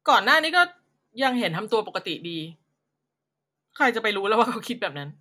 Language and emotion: Thai, frustrated